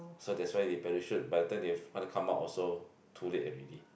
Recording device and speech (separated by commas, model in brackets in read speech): boundary microphone, conversation in the same room